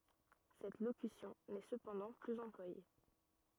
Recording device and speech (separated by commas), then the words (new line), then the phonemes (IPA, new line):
rigid in-ear microphone, read sentence
Cette locution n'est cependant plus employée.
sɛt lokysjɔ̃ nɛ səpɑ̃dɑ̃ plyz ɑ̃plwaje